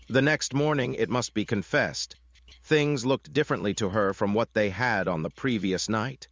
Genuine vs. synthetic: synthetic